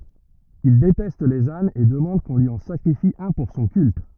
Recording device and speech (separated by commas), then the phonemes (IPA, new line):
rigid in-ear microphone, read sentence
il detɛst lez anz e dəmɑ̃d kɔ̃ lyi ɑ̃ sakʁifi œ̃ puʁ sɔ̃ kylt